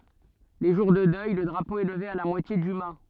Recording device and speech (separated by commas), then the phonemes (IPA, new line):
soft in-ear microphone, read sentence
le ʒuʁ də dœj lə dʁapo ɛ ləve a la mwatje dy ma